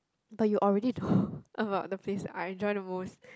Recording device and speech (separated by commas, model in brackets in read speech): close-talking microphone, conversation in the same room